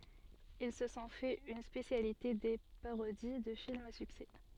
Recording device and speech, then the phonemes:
soft in-ear microphone, read sentence
il sə sɔ̃ fɛt yn spesjalite de paʁodi də filmz a syksɛ

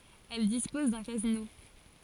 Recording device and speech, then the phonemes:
forehead accelerometer, read sentence
ɛl dispɔz dœ̃ kazino

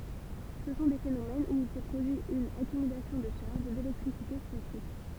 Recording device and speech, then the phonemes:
temple vibration pickup, read sentence
sə sɔ̃ de fenomɛnz u il sɛ pʁodyi yn akymylasjɔ̃ də ʃaʁʒ delɛktʁisite statik

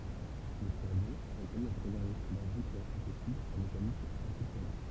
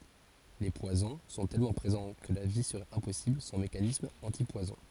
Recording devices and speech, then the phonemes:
temple vibration pickup, forehead accelerometer, read sentence
le pwazɔ̃ sɔ̃ tɛlmɑ̃ pʁezɑ̃ kə la vi səʁɛt ɛ̃pɔsibl sɑ̃ mekanismz ɑ̃tipwazɔ̃

